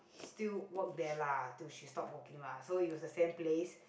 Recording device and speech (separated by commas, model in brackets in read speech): boundary microphone, conversation in the same room